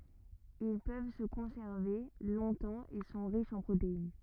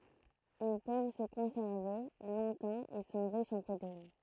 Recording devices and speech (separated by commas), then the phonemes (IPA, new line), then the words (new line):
rigid in-ear microphone, throat microphone, read sentence
il pøv sə kɔ̃sɛʁve lɔ̃tɑ̃ e sɔ̃ ʁiʃz ɑ̃ pʁotein
Ils peuvent se conserver longtemps et sont riches en protéines.